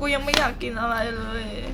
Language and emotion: Thai, sad